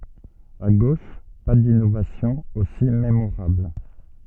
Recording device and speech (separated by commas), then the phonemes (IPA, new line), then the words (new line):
soft in-ear microphone, read sentence
a ɡoʃ pa dinovasjɔ̃z osi memoʁabl
À gauche, pas d’innovations aussi mémorables.